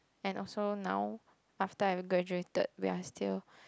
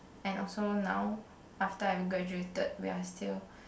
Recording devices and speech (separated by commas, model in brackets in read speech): close-talking microphone, boundary microphone, conversation in the same room